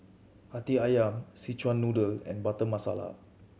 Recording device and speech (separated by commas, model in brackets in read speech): mobile phone (Samsung C7100), read sentence